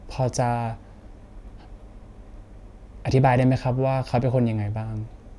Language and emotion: Thai, neutral